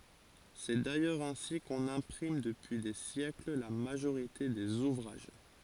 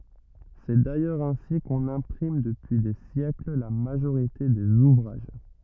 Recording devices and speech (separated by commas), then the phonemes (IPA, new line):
forehead accelerometer, rigid in-ear microphone, read sentence
sɛ dajœʁz ɛ̃si kɔ̃n ɛ̃pʁim dəpyi de sjɛkl la maʒoʁite dez uvʁaʒ